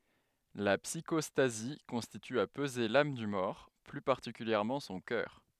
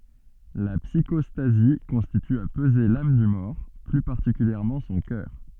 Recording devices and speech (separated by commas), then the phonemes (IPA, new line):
headset microphone, soft in-ear microphone, read sentence
la psikɔstazi kɔ̃sist a pəze lam dy mɔʁ ply paʁtikyljɛʁmɑ̃ sɔ̃ kœʁ